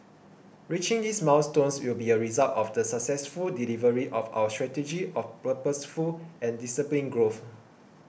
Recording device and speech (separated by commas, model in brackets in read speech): boundary microphone (BM630), read sentence